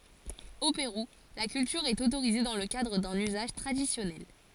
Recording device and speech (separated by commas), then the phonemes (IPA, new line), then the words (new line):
forehead accelerometer, read sentence
o peʁu la kyltyʁ ɛt otoʁize dɑ̃ lə kadʁ dœ̃n yzaʒ tʁadisjɔnɛl
Au Pérou, la culture est autorisée dans le cadre d'un usage traditionnel.